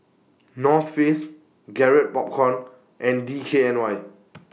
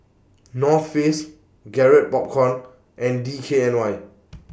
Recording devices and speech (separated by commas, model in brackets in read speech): mobile phone (iPhone 6), boundary microphone (BM630), read sentence